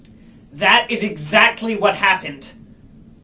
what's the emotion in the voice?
angry